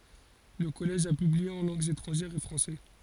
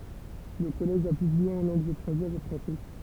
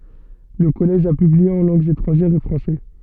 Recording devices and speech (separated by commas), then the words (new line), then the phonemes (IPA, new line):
forehead accelerometer, temple vibration pickup, soft in-ear microphone, read sentence
Le Collège a publié en langues étrangères au français.
lə kɔlɛʒ a pyblie ɑ̃ lɑ̃ɡz etʁɑ̃ʒɛʁz o fʁɑ̃sɛ